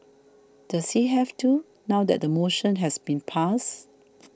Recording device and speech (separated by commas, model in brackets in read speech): standing microphone (AKG C214), read sentence